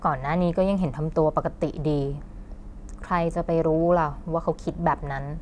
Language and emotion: Thai, frustrated